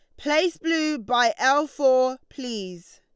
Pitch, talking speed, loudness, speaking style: 270 Hz, 130 wpm, -23 LUFS, Lombard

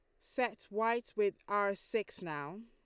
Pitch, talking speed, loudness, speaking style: 225 Hz, 150 wpm, -36 LUFS, Lombard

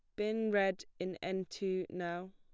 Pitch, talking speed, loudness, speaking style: 190 Hz, 170 wpm, -37 LUFS, plain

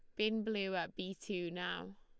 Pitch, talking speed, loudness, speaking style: 185 Hz, 200 wpm, -39 LUFS, Lombard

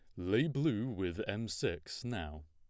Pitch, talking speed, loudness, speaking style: 105 Hz, 160 wpm, -37 LUFS, plain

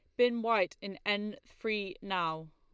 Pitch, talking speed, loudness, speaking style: 205 Hz, 155 wpm, -33 LUFS, Lombard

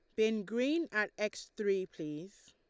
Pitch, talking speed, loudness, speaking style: 210 Hz, 155 wpm, -35 LUFS, Lombard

